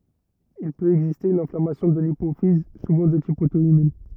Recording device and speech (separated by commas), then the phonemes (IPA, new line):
rigid in-ear microphone, read sentence
il pøt ɛɡziste yn ɛ̃flamasjɔ̃ də lipofiz suvɑ̃ də tip oto immœ̃